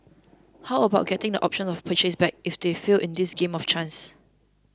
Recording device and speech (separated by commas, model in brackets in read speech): close-talking microphone (WH20), read sentence